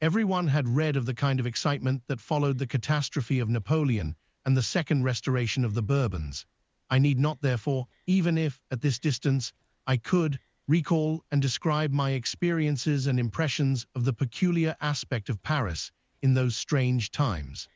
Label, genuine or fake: fake